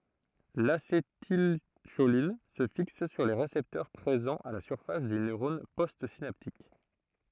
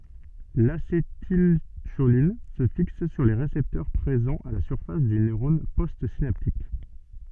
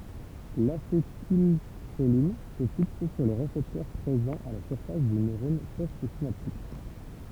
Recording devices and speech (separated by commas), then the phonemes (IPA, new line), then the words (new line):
throat microphone, soft in-ear microphone, temple vibration pickup, read sentence
lasetilʃolin sə fiks syʁ le ʁesɛptœʁ pʁezɑ̃z a la syʁfas dy nøʁɔn postsinaptik
L'acétylcholine se fixe sur les récepteurs présents à la surface du neurone postsynaptique.